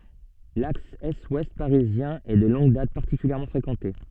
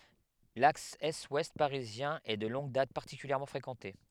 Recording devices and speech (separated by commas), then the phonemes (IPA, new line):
soft in-ear microphone, headset microphone, read sentence
laks ɛstwɛst paʁizjɛ̃ ɛ də lɔ̃ɡ dat paʁtikyljɛʁmɑ̃ fʁekɑ̃te